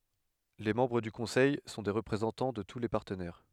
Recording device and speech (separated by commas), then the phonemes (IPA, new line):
headset microphone, read sentence
le mɑ̃bʁ dy kɔ̃sɛj sɔ̃ de ʁəpʁezɑ̃tɑ̃ də tu le paʁtənɛʁ